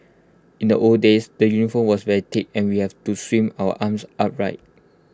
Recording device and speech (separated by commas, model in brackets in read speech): close-talking microphone (WH20), read sentence